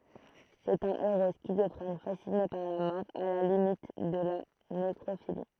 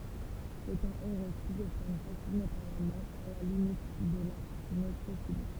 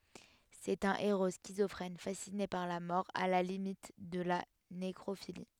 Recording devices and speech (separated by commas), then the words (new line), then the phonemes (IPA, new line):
throat microphone, temple vibration pickup, headset microphone, read sentence
C'est un héros schizophrène fasciné par la mort, à la limite de la nécrophilie.
sɛt œ̃ eʁo skizɔfʁɛn fasine paʁ la mɔʁ a la limit də la nekʁofili